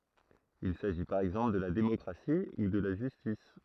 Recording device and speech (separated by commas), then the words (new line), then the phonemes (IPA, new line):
throat microphone, read sentence
Il s'agit par exemple de la démocratie ou de la justice.
il saʒi paʁ ɛɡzɑ̃pl də la demɔkʁasi u də la ʒystis